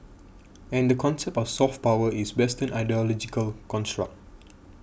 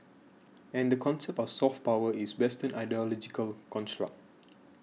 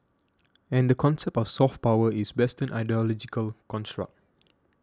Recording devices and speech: boundary microphone (BM630), mobile phone (iPhone 6), standing microphone (AKG C214), read sentence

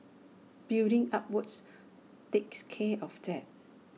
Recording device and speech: mobile phone (iPhone 6), read sentence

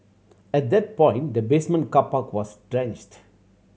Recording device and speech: mobile phone (Samsung C7100), read sentence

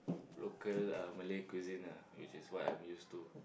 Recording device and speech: boundary microphone, conversation in the same room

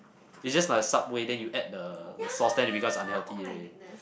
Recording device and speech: boundary microphone, conversation in the same room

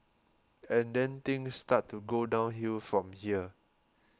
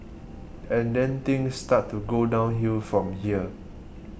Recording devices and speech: close-talking microphone (WH20), boundary microphone (BM630), read sentence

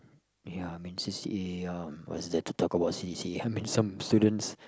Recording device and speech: close-talking microphone, conversation in the same room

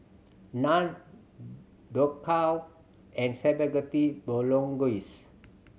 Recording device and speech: mobile phone (Samsung C7100), read sentence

